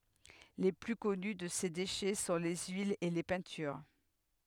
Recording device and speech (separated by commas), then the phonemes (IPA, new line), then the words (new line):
headset microphone, read sentence
le ply kɔny də se deʃɛ sɔ̃ le yilz e le pɛ̃tyʁ
Les plus connus de ces déchets sont les huiles et les peintures.